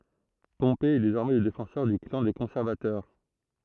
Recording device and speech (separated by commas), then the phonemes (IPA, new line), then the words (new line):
throat microphone, read sentence
pɔ̃pe ɛ dezɔʁmɛ lə defɑ̃sœʁ dy klɑ̃ de kɔ̃sɛʁvatœʁ
Pompée est désormais le défenseur du clan des conservateurs.